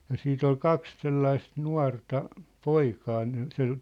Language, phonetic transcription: Finnish, ja 'siit ‿ol "kaks̳ 'sellaist "nua̭rta , "poikaa ne , sel- ,.
- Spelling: ja sitten oli kaksi sellaista nuorta poikaa ne -

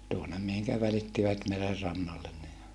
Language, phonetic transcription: Finnish, tuonem mihiŋkä välittivät merer rannallen ne .
- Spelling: tuonne mihin välittivät meren rannalle ne

